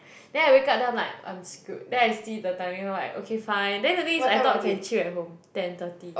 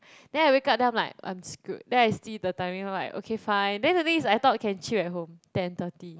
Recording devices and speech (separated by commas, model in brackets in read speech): boundary microphone, close-talking microphone, conversation in the same room